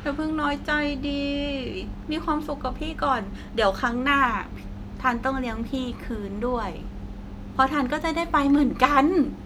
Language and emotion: Thai, happy